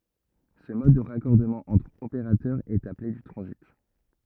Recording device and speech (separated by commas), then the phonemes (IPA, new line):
rigid in-ear microphone, read sentence
sə mɔd də ʁakɔʁdəmɑ̃ ɑ̃tʁ opeʁatœʁ ɛt aple dy tʁɑ̃zit